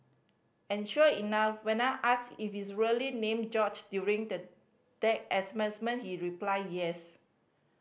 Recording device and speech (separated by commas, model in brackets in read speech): boundary microphone (BM630), read sentence